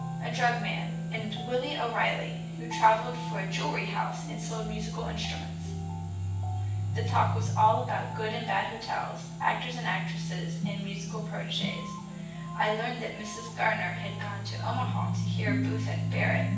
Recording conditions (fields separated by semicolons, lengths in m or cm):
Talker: one person; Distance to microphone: 9.8 m; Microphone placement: far; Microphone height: 1.8 m; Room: large; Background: music